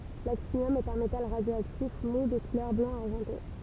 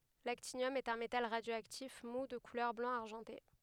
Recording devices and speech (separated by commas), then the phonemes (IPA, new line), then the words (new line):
temple vibration pickup, headset microphone, read sentence
laktinjɔm ɛt œ̃ metal ʁadjoaktif mu də kulœʁ blɑ̃ aʁʒɑ̃te
L'actinium est un métal radioactif mou de couleur blanc-argenté.